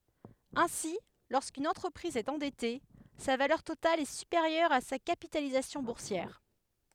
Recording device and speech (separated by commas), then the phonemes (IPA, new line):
headset microphone, read sentence
ɛ̃si loʁskyn ɑ̃tʁəpʁiz ɛt ɑ̃dɛte sa valœʁ total ɛ sypeʁjœʁ a sa kapitalizasjɔ̃ buʁsjɛʁ